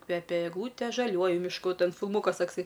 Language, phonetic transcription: Lithuanian, ˈkvepia egˈlūtė žaˈliuoju mišˈku ˈten filˈmūkas ˈtaksai

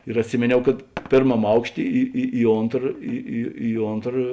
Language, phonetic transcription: Lithuanian, ir atˈsimėniau kad pėrˈmam ˈaukšˌtė ˈi i i ˈontra ˈi i i ˈontra

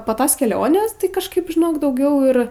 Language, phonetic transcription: Lithuanian, po ˈtos keˈlionės tai kažˈkaip žiˈnok dauˈgiau ir

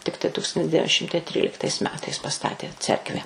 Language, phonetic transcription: Lithuanian, ˈtiktai ˈtūkstantis ˈdevin ˈšimtai ˈtryliktais ˈmetais paˈstatė ˈcerkvę

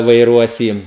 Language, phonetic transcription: Lithuanian, vaiˈruos ˈjį

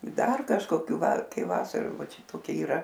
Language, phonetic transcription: Lithuanian, ˈdar kažkoˈkių ˈvar ˈkai ˈvasaru ˈva ˈčia toˈki yˈra

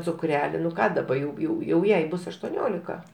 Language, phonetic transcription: Lithuanian, cuˈkreli nu ˈką daˈba jau ˈjau jau ˈjai ˈbus aštuoˈniolika

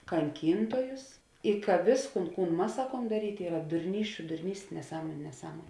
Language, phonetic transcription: Lithuanian, kanˈkyntojus i ka ˈvėsˌkūn ˈkūn ˈmas ˈsakuom daˈrytė ˈyra durˈnysčiu durˈnystė neˈsąmoniu neˈsąmon'

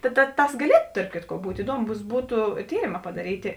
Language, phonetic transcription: Lithuanian, ta ta ˈtas gaˈlietu tarp ˈkitko ˈbūt' iˈduomus ˈbūtu ˈtyrėma padaˈrytė

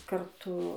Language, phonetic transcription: Lithuanian, karˈtu

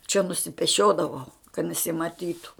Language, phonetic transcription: Lithuanian, čia nusipeˈšiodavau kad nesimaˈtytu

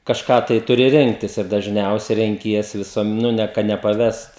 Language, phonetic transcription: Lithuanian, kažˈką tai ˈturi ˈrinktis ir dažˈniausia renˈkiesi viˈsuom ˈnu ne ka nepaˈvest

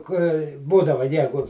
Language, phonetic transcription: Lithuanian, kai ˈbūdava ˈjegu

